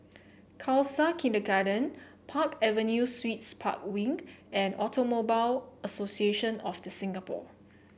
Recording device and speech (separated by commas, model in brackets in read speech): boundary microphone (BM630), read sentence